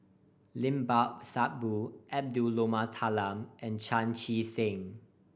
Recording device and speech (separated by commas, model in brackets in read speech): boundary microphone (BM630), read sentence